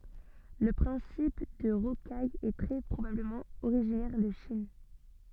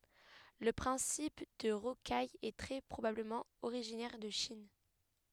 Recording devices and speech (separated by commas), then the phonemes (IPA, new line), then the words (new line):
soft in-ear microphone, headset microphone, read sentence
lə pʁɛ̃sip də ʁokaj ɛ tʁɛ pʁobabləmɑ̃ oʁiʒinɛʁ də ʃin
Le principe de rocaille est très probablement originaire de Chine.